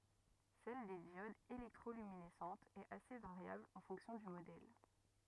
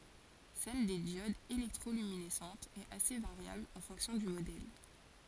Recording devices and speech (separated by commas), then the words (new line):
rigid in-ear microphone, forehead accelerometer, read sentence
Celle des diodes électroluminescentes est assez variable en fonction du modèle.